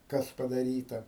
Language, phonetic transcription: Lithuanian, ˈkas padaˈryta

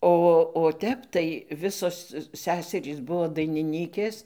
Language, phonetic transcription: Lithuanian, ˈo o ˈtep tai ˈvisos ˈseserys ˈbuo dainiˈnykės

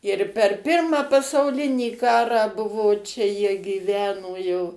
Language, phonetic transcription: Lithuanian, ir per ˈpirmą pasauˈlinį ˈkarą ˈbuvo ˈčia jie gyˈveno jau

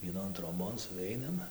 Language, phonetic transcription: Lithuanian, vieˈnon troˈbon suˈveinam

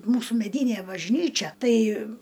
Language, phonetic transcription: Lithuanian, ˈmūsų meˈdynė bažˈnyčia ˈtai

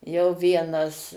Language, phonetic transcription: Lithuanian, jau ˈvienas

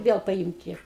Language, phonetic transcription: Lithuanian, ˈviel paˈymti

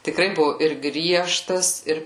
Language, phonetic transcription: Lithuanian, tiˈkrai ˈbuvu ir ˈgriežtas ˈir

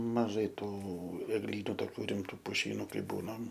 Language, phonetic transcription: Lithuanian, maˈžai ˈtų egˈlynu toˈkių riˈmtų puˈšynu ˈkai ˈbūnam

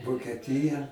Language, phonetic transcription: Lithuanian, vokeˈtija

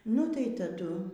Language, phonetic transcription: Lithuanian, nu tai taˈdu

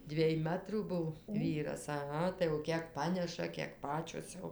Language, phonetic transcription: Lithuanian, ˈdviej ˈmatrų ˈbuv ˈvyras aˈha tai jau ˈkiek ˈpaneša kiek ˈpačios jau

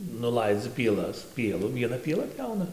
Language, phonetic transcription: Lithuanian, nuˈlaidzi pieˈlas ˈpielu vieˈna pieˈla ˈpjauna

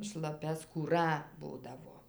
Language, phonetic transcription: Lithuanian, šlaˈpia skūˈra ˈbūdavo

